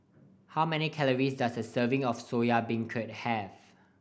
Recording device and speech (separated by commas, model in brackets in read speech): boundary microphone (BM630), read sentence